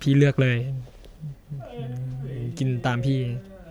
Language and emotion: Thai, sad